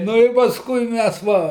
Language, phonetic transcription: Lithuanian, ˈnu ir pasˈkui ˈmæs ˈva

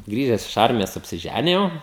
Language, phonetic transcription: Lithuanian, ˈgrįžes iš ˈarmijos apsiˈžænijau

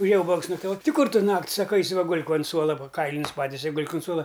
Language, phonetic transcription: Lithuanian, uˈžėja ˈūbags naktaˈvot' ˈti ˈkur ˈtu ˈnakt' ˈsaka ˈaisi va ˈgul'k ont ˈsuola ˈva ˈkailinius ˈpatise i ˈgul'k un ˈsuola

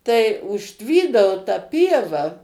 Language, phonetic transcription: Lithuanian, tai užˈtvydavo ta ˈpieva

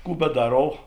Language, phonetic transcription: Lithuanian, ˈkų beˈdarov

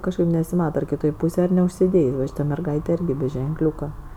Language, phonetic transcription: Lithuanian, ˈkažkaip nesiˈmata ar kiˈtoj ˈpūsėj ar neužsiˈdėjs' va ˈšyta merˈgaitė ˈirgi be ženˈkliūka

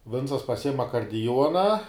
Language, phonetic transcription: Lithuanian, ˈvincas paˈsijim akardiˈjuona

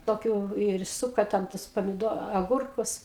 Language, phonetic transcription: Lithuanian, toˈkių ir ˈsuka ten ˈtus pamiˈdo aˈgurkus

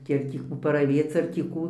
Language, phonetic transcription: Lithuanian, ˈkiek tį ˈkų paraˈvėc ar tį ˈkų

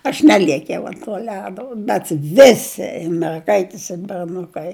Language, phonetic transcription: Lithuanian, aš ˈneliekiau ant tuo ˈledo bet ˈvisi ir merˈgaitis ir berˈnukai

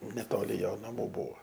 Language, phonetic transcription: Lithuanian, neˈtoli ˈjo naˈmų ˈbūvo

